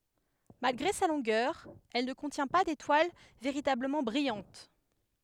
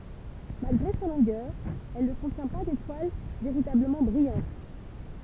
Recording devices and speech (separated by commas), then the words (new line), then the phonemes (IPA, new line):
headset microphone, temple vibration pickup, read sentence
Malgré sa longueur, elle ne contient pas d'étoile véritablement brillante.
malɡʁe sa lɔ̃ɡœʁ ɛl nə kɔ̃tjɛ̃ pa detwal veʁitabləmɑ̃ bʁijɑ̃t